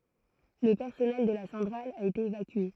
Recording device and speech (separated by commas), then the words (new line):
throat microphone, read sentence
Le personnel de la centrale a été évacué.